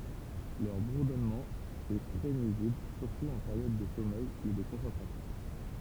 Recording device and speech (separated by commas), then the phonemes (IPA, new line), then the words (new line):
temple vibration pickup, read sentence
lœʁ buʁdɔnmɑ̃ ɛ tʁɛ nyizibl syʁtu ɑ̃ peʁjɔd də sɔmɛj u də kɔ̃sɑ̃tʁasjɔ̃
Leur bourdonnement est très nuisible, surtout en période de sommeil ou de concentration.